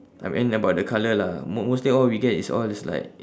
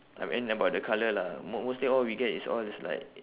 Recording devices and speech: standing microphone, telephone, conversation in separate rooms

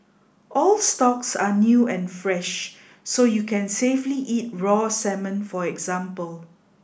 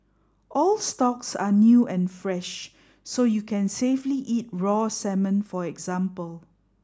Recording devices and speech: boundary microphone (BM630), standing microphone (AKG C214), read sentence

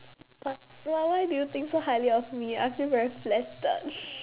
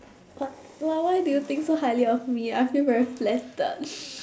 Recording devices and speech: telephone, standing microphone, conversation in separate rooms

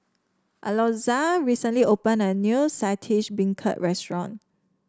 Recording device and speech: standing microphone (AKG C214), read sentence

